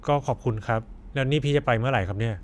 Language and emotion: Thai, neutral